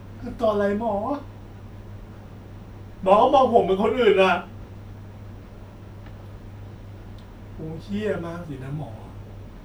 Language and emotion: Thai, sad